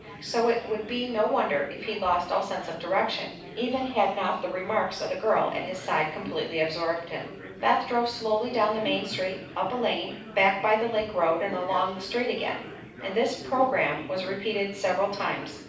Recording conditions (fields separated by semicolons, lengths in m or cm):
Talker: one person; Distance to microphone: 5.8 m; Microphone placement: far; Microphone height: 1.8 m; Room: medium-sized (5.7 m by 4.0 m); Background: babble